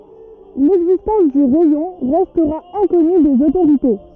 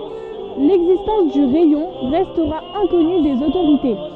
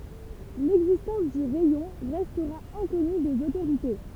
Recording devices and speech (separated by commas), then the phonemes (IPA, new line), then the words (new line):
rigid in-ear microphone, soft in-ear microphone, temple vibration pickup, read sentence
lɛɡzistɑ̃s dy ʁɛjɔ̃ ʁɛstʁa ɛ̃kɔny dez otoʁite
L'existence du rayon restera inconnue des autorités.